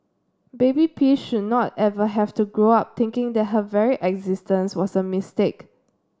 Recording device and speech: standing microphone (AKG C214), read sentence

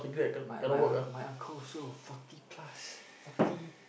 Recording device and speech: boundary microphone, conversation in the same room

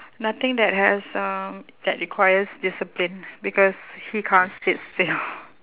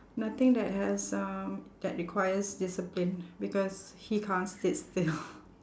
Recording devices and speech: telephone, standing microphone, conversation in separate rooms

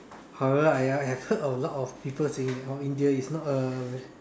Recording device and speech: standing microphone, conversation in separate rooms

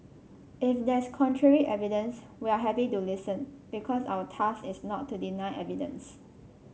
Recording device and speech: mobile phone (Samsung C5), read sentence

